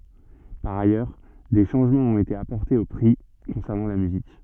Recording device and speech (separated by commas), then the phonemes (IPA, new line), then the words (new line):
soft in-ear microphone, read sentence
paʁ ajœʁ de ʃɑ̃ʒmɑ̃z ɔ̃t ete apɔʁtez o pʁi kɔ̃sɛʁnɑ̃ la myzik
Par ailleurs, des changements ont été apportés aux prix concernant la musique.